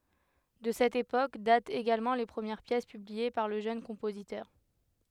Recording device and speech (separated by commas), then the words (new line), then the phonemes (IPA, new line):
headset microphone, read sentence
De cette époque datent également les premières pièces publiées par le jeune compositeur.
də sɛt epok datt eɡalmɑ̃ le pʁəmjɛʁ pjɛs pyblie paʁ lə ʒøn kɔ̃pozitœʁ